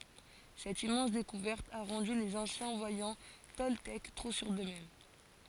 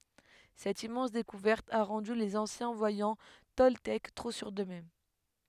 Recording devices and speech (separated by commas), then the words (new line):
forehead accelerometer, headset microphone, read sentence
Cette immense découverte a rendu les anciens voyants toltèques trop sûrs d'eux-mêmes.